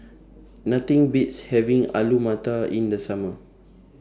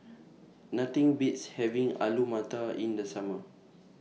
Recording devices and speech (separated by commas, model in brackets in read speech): standing microphone (AKG C214), mobile phone (iPhone 6), read sentence